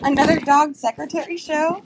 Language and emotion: English, happy